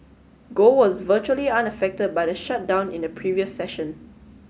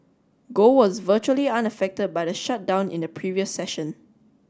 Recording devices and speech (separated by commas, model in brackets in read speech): mobile phone (Samsung S8), standing microphone (AKG C214), read sentence